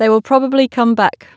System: none